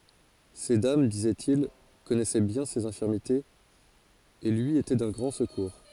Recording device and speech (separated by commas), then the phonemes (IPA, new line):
forehead accelerometer, read sentence
se dam dizɛtil kɔnɛsɛ bjɛ̃ sez ɛ̃fiʁmitez e lyi etɛ dœ̃ ɡʁɑ̃ səkuʁ